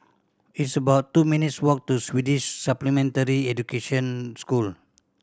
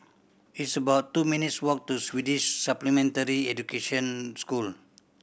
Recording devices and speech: standing microphone (AKG C214), boundary microphone (BM630), read sentence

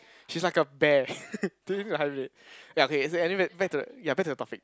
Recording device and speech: close-talking microphone, conversation in the same room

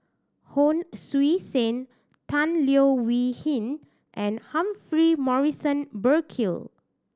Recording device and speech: standing microphone (AKG C214), read sentence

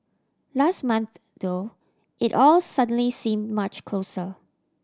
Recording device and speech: standing microphone (AKG C214), read sentence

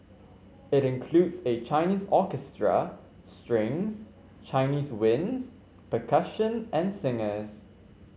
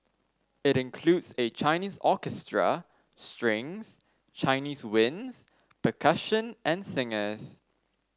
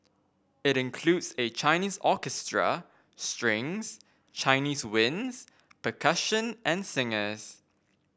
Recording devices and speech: mobile phone (Samsung C5), standing microphone (AKG C214), boundary microphone (BM630), read sentence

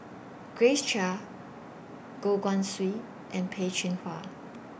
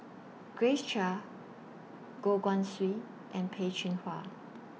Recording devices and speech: boundary microphone (BM630), mobile phone (iPhone 6), read sentence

